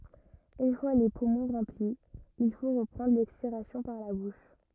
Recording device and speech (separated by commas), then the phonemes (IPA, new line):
rigid in-ear microphone, read sentence
yn fwa le pumɔ̃ ʁɑ̃pli il fo ʁəpʁɑ̃dʁ lɛkspiʁasjɔ̃ paʁ la buʃ